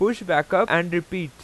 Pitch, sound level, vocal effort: 175 Hz, 93 dB SPL, loud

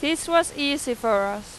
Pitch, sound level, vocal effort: 285 Hz, 94 dB SPL, very loud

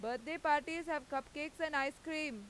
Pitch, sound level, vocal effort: 295 Hz, 94 dB SPL, loud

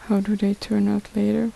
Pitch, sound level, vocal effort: 210 Hz, 73 dB SPL, soft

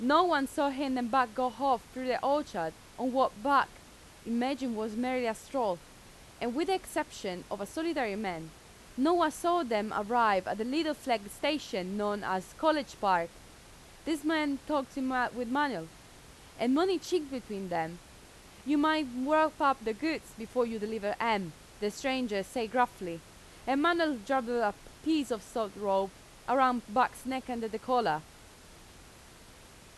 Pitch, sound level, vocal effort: 245 Hz, 89 dB SPL, very loud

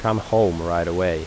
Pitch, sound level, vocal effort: 90 Hz, 84 dB SPL, normal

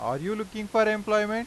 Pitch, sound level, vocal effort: 215 Hz, 95 dB SPL, loud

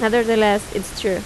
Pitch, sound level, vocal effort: 215 Hz, 83 dB SPL, normal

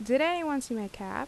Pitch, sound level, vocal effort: 260 Hz, 83 dB SPL, normal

